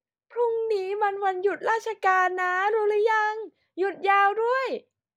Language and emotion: Thai, happy